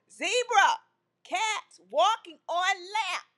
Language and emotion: English, angry